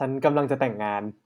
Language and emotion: Thai, neutral